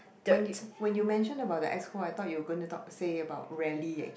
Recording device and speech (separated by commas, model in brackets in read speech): boundary microphone, conversation in the same room